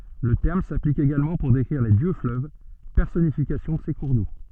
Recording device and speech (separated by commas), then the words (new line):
soft in-ear microphone, read sentence
Le terme s'applique également pour décrire les dieux-fleuves, personnification de ces cours d'eau.